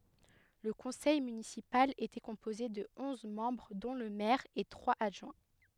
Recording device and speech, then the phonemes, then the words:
headset microphone, read sentence
lə kɔ̃sɛj mynisipal etɛ kɔ̃poze də ɔ̃z mɑ̃bʁ dɔ̃ lə mɛʁ e tʁwaz adʒwɛ̃
Le conseil municipal était composé de onze membres dont le maire et trois adjoints.

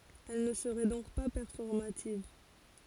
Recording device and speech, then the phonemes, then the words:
forehead accelerometer, read sentence
ɛl nə səʁɛ dɔ̃k pa pɛʁfɔʁmativ
Elle ne serait donc pas performative.

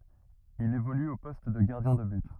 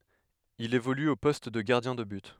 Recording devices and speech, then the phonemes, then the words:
rigid in-ear microphone, headset microphone, read sentence
il evoly o pɔst də ɡaʁdjɛ̃ də byt
Il évolue au poste de gardien de but.

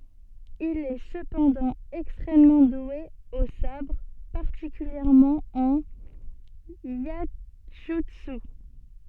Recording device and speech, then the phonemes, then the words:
soft in-ear microphone, read sentence
il ɛ səpɑ̃dɑ̃ ɛkstʁɛmmɑ̃ dwe o sabʁ paʁtikyljɛʁmɑ̃ ɑ̃n jɛʒytsy
Il est cependant extrêmement doué au sabre, particulièrement en iaijutsu.

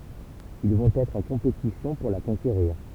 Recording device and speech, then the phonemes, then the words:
temple vibration pickup, read sentence
il vɔ̃t ɛtʁ ɑ̃ kɔ̃petisjɔ̃ puʁ la kɔ̃keʁiʁ
Ils vont être en compétition pour la conquérir.

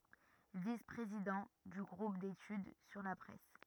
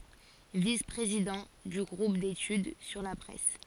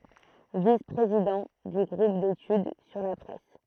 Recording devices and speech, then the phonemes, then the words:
rigid in-ear microphone, forehead accelerometer, throat microphone, read sentence
vis pʁezidɑ̃ dy ɡʁup detyd syʁ la pʁɛs
Vice-président du groupe d'études sur la presse.

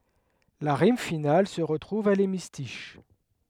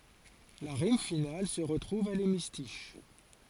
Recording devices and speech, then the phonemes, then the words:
headset microphone, forehead accelerometer, read sentence
la ʁim final sə ʁətʁuv a lemistiʃ
La rime finale se retrouve à l’hémistiche.

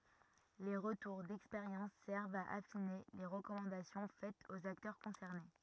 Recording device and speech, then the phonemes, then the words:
rigid in-ear microphone, read sentence
le ʁətuʁ dɛkspeʁjɑ̃s sɛʁvt a afine le ʁəkɔmɑ̃dasjɔ̃ fɛtz oz aktœʁ kɔ̃sɛʁne
Les retours d'expérience servent à affiner les recommandations faites aux acteurs concernés.

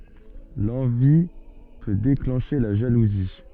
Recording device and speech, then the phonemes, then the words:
soft in-ear microphone, read sentence
lɑ̃vi pø deklɑ̃ʃe la ʒaluzi
L'envie peut déclencher la jalousie.

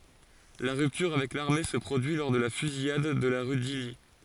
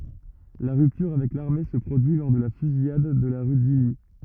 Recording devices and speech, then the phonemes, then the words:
forehead accelerometer, rigid in-ear microphone, read sentence
la ʁyptyʁ avɛk laʁme sə pʁodyi lɔʁ də la fyzijad də la ʁy disli
La rupture avec l'armée se produit lors de la Fusillade de la rue d'Isly.

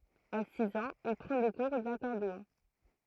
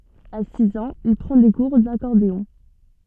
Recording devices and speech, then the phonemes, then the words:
throat microphone, soft in-ear microphone, read sentence
a siz ɑ̃z il pʁɑ̃ de kuʁ dakɔʁdeɔ̃
À six ans, il prend des cours d'accordéon.

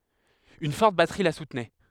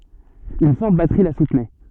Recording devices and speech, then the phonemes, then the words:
headset microphone, soft in-ear microphone, read sentence
yn fɔʁt batʁi la sutnɛ
Une forte batterie la soutenait.

